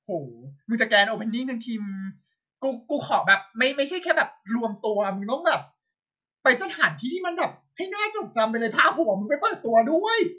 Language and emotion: Thai, happy